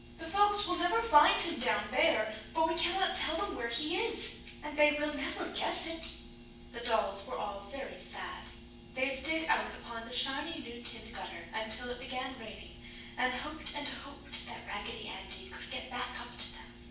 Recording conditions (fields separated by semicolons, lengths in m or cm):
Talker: one person; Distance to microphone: 9.8 m; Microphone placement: far; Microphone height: 1.8 m; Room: large; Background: none